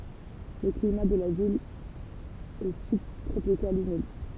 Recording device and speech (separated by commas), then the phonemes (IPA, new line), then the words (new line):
temple vibration pickup, read sentence
lə klima də la vil ɛ sybtʁopikal ymid
Le climat de la ville est subtropical humide.